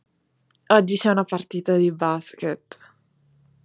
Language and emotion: Italian, happy